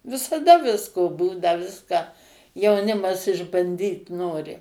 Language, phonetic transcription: Lithuanian, visaˈda ˈvisko ˈbūna ˈviską jauˈnimas išbanˈdyt ˈnori

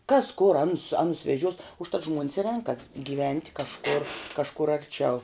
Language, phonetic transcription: Lithuanian, kas kur ˈanus ˈanus veˈžiuos užˈtat ˈžmuonis i ˈrenkas gyˈvent' kažˈkur kažˈkur arˈčiau

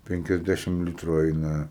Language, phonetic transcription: Lithuanian, ˌpenkiasˈdæšim ˈlitru ˈeina

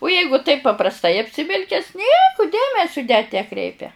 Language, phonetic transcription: Lithuanian, u ˈjeigu taip paprasˈtai apsiˈvilkes ˈnieku ˈdėmesiu net neˈkreipia

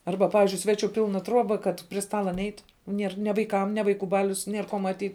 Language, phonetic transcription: Lithuanian, ˈarba ˈpavizdžiui ˈsveˌčiu ˈpilna ˈtruoba kad pri ˈstala ˈneit ˈnier ne vaiˈkam ne vaiˈkų ˈbalius ˈnier ko maˈtyt

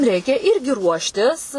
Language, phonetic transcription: Lithuanian, ˈreikia ˈirgi ˈruoštis

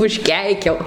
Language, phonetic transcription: Lithuanian, užˈkeikiau

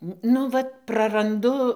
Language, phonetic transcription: Lithuanian, ˈnu vat praranˈdu

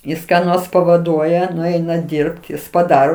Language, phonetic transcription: Lithuanian, ˈjis ką ˈnors pavaˈduoja nuˈeina ˈdyrbt ˈjis paˈdaro

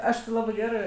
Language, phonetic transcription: Lithuanian, ˈaš ti ˈlabɜ ˈgerɜ

